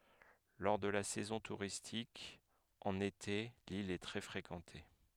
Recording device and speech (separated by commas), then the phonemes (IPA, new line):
headset microphone, read sentence
lɔʁ də la sɛzɔ̃ tuʁistik ɑ̃n ete lil ɛ tʁɛ fʁekɑ̃te